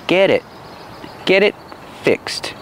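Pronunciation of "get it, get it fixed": The t in 'get' sounds like a fast d. In 'get it fixed', the t in 'it' is a stop T because it comes before the consonant of 'fixed'.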